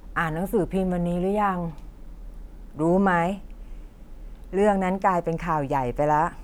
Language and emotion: Thai, frustrated